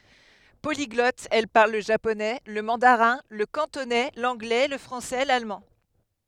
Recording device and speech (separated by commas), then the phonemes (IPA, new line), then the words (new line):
headset microphone, read sentence
poliɡlɔt ɛl paʁl lə ʒaponɛ lə mɑ̃daʁɛ̃ lə kɑ̃tonɛ lɑ̃ɡlɛ lə fʁɑ̃sɛ lalmɑ̃
Polyglotte, elle parle le japonais, le mandarin, le cantonais, l'anglais, le français, l'allemand...